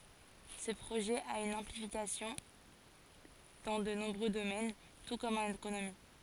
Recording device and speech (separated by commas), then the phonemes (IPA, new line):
forehead accelerometer, read sentence
sə pʁoʒɛ a yn ɛ̃plikasjɔ̃ dɑ̃ də nɔ̃bʁø domɛn tu kɔm ɑ̃n ekonomi